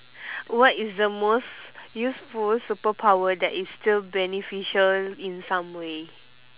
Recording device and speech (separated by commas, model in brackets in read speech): telephone, conversation in separate rooms